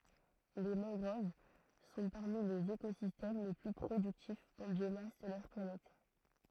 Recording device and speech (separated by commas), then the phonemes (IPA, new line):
throat microphone, read sentence
le mɑ̃ɡʁov sɔ̃ paʁmi lez ekozistɛm le ply pʁodyktifz ɑ̃ bjomas də notʁ planɛt